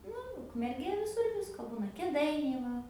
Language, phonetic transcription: Lithuanian, ˈnu ukmerˈgė viˈsur ˈvisko ˈbūna kėˈdainiai ˈva

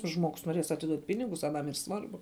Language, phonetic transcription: Lithuanian, ˈžmogus noˈrės atiˈduot' ˈpinigus aˈnam yr ˈsvarbu

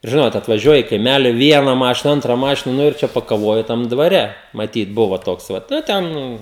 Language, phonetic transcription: Lithuanian, ir ˈžinot atvaˈžiuoja i kaiˈmæli ˈviena ˈmašina ˈantra ˈmašina ˈnu ir ˈčia pakaˈvoju ˈtam dvaˈre maˈtyt ˈbuva ˈtoks ˈvat ˈnu ˈten

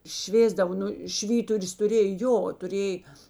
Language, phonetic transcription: Lithuanian, ˈšvėsdavo ˈnu ˈšvyturius tuˈrėj ˈjo tuˈrėj

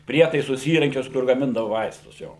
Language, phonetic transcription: Lithuanian, ˈprietaisus ˈįrankius kur gaˈmindavo ˈvaistus ˈjo

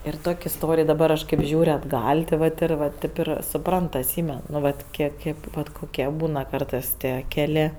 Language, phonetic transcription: Lithuanian, ir ˈtok' isˈtorij daˈbar ˈaš ˈkėp ˈžiūr' atˈgal' ti ˈvat ir va ˈtėp ir suˈprant atˈsymen nu ˈvat ˈkiek ˈkėp vat ˈkokie ˈbūna ˈkartɜs ˈtie ˈkelė

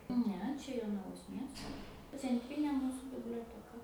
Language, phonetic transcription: Lithuanian, ˈne ˈčia jonaˈvos ˈmiesto cenˈtrynė ˈmūsu biblioteˈka

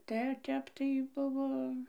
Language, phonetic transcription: Lithuanian, ˈte ˈtep tai ˈbuvo

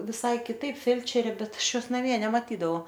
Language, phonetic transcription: Lithuanian, viˈsai kiˈtaip ˈfelčerė ˈbet ˈaš ˈjos naˈmie nemaˈtydavau

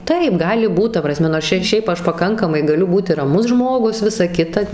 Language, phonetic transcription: Lithuanian, ˈtaip ˈgali ˈbūt ˈta praˈsme nors ˈčia ir ˈšiaip ˈaš paˈkankamai gaˈliu ˈbūti raˈmus ˈžmogus ˈvisa ˈkita

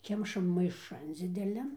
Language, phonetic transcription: Lithuanian, ˈkemšam maiˈšan dzideˈlian

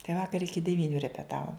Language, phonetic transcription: Lithuanian, tai ˈvakar ˈiki deˈvyniu repeˈtavom

